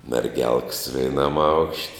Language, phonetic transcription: Lithuanian, merˈgelks veiˈnam aukšt'

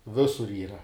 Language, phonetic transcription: Lithuanian, ˈvisur ˈyra

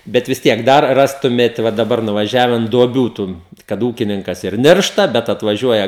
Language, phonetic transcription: Lithuanian, ˈbet vis ˈtiek ˈdar ˈrastumėt va daˈbar nuvaˈžiaven duoˈbių ˈtun kad ˈūkininkas ir ˈniršta ˈbet atvaˈžiuoja

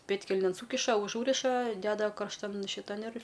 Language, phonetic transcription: Lithuanian, ˈpėdkelnėn ˈsūkiša uˈžūriša ˈdeda karšˈtan šiˈtan ir

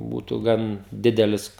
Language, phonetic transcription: Lithuanian, ˈbūtu ˈgan ˈdidelis

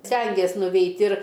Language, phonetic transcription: Lithuanian, ˈstengės nuˈveit' ir

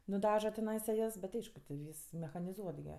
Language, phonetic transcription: Lithuanian, nuˈdaža teˈnaisa ˈjas bet ˈaišku ti ˈvys mechaniˈzuot gi

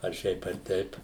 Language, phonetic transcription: Lithuanian, ar ˈšiaip ar ˈteip

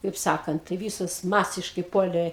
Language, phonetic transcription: Lithuanian, kaip ˈsakant tai ˈvysos ˈmasiškai ˈpuolė

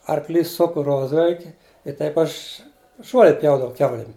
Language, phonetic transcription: Lithuanian, arkˈlys ˈsuku ˈrozvelki i ˈtaip ˈaš ˈžuole ˈpjaudavau ˈkiaulim

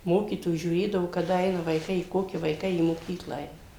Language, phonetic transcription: Lithuanian, ˈmokytojų žiūˈrėdavo kaˈda ˈeina vaiˈkai i ˈkoki vaiˈkai į moˈkykla ˈeina

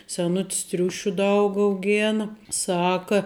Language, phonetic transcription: Lithuanian, seˈnutis ˈtriušiu ˈdaug auˈgėna ˈsaka

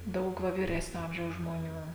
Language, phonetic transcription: Lithuanian, ˈdaug ˈva vyˈresnio ˈamžiaus žmoˈnių

